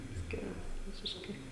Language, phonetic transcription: Lithuanian, ˈskiras ˈvisiškai

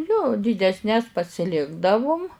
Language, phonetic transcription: Lithuanian, jo dydesˈnes pasiˈlikdavum

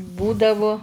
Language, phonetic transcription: Lithuanian, ˈbūdavu

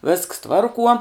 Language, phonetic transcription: Lithuanian, visks ˈtvarkuo

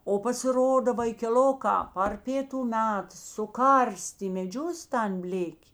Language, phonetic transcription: Lithuanian, o pasiˈroda vaikeˈlokā par ˈpėtu ˈmet suˈkarstė i meˈdžius tan ˈblėkė

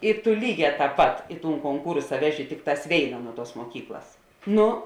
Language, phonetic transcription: Lithuanian, i tu ˈlyˌgē tāp ˈpat i tūn konˈkūrsa ˈveˌži ˈtikˌtās ˈvėina ˈnuo ˌtuos muoˈkyklas ˈnu

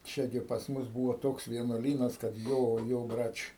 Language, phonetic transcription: Lithuanian, ˈčia gi pas ˈmus ˈbūvo ˈtoks vienuoˈlynas kad ˈjo ˈjo ˈbrač'

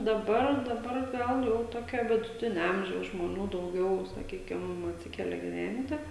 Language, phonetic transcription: Lithuanian, daˈbar daˈbar ˈgal jau ˈtokio viduˈtinia ˈamžiaus žmoˈnių dauˈgiau saˈkykim atˈsikelia giˈventi

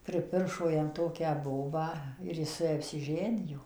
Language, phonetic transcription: Lithuanian, priˈpiršo jam ˈtokią ˈbobą ir ˈjis su ˈja apsiˈženijo

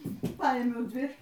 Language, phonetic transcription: Lithuanian, ˈpaimiau ˈdvi

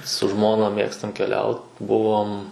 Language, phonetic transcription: Lithuanian, su ˈžmona ˈmėgstam keˈliaut ˈbuvom

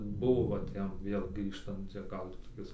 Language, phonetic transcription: Lithuanian, ˈbuvo va ˈtiem ˈvėl ˈgrįžtant ˈčia ˈgal ti toˈkis

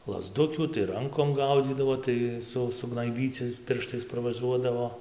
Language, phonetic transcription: Lithuanian, lazˈdukių tai ˈrankom ˈgaudzydavo ˈtai ˈsu sugnaiˈbyci ˈpirštais parvaˈžuodavo

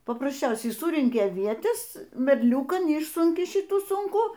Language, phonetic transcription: Lithuanian, paprasˈčiausiai ˈsurenki aˈvietes merˈliūkan ˈišsunki ˈšitų ˈsunkų

